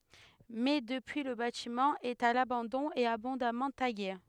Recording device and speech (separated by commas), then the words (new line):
headset microphone, read sentence
Mais depuis le bâtiment est à l'abandon et abondamment tagué.